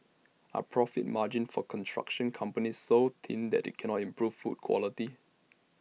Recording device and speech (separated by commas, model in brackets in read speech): mobile phone (iPhone 6), read sentence